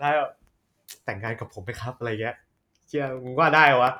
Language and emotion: Thai, happy